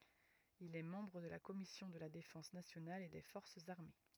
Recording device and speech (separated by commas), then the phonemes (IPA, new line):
rigid in-ear microphone, read sentence
il ɛ mɑ̃bʁ də la kɔmisjɔ̃ də la defɑ̃s nasjonal e de fɔʁsz aʁme